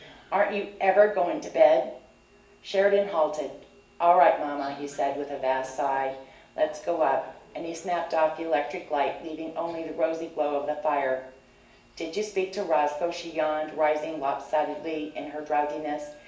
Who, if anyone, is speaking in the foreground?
One person.